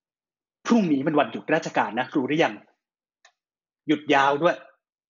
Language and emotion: Thai, frustrated